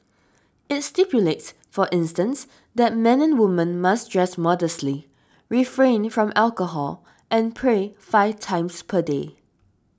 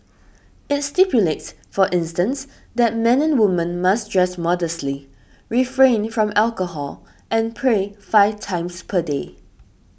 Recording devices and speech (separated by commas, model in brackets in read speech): standing microphone (AKG C214), boundary microphone (BM630), read sentence